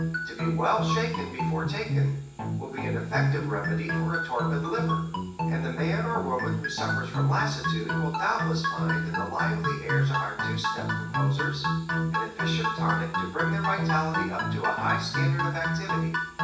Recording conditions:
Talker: one person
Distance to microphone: 9.8 m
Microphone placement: far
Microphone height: 1.8 m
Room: large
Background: music

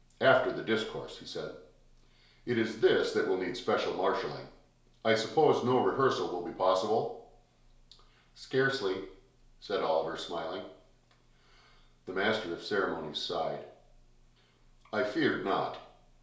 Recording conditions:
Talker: one person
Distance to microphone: 1.0 m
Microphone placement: close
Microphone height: 1.1 m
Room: small (3.7 m by 2.7 m)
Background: none

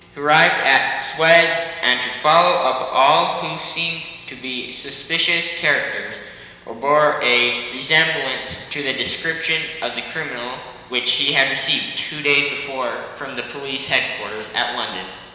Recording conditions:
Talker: one person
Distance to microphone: 1.7 m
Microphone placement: close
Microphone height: 1.0 m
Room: very reverberant, large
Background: none

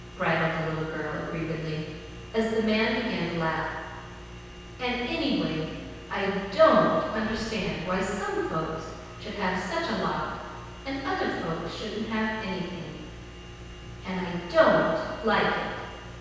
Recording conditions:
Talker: one person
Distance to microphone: 7.1 m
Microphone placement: far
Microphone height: 1.7 m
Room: very reverberant, large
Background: none

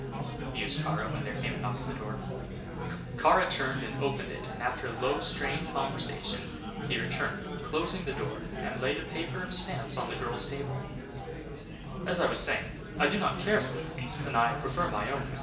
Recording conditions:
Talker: one person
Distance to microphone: 1.8 m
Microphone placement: close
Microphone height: 1.0 m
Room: large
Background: babble

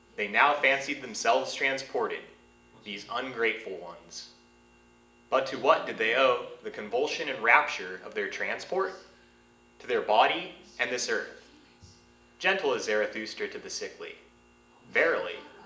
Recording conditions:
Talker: one person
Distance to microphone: 1.8 m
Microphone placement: close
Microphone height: 1.0 m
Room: large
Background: television

